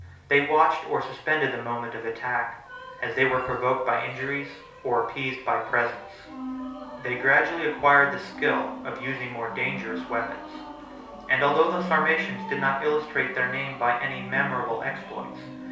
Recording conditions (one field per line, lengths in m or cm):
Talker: one person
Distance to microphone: 3.0 m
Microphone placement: far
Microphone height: 1.8 m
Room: small (3.7 m by 2.7 m)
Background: music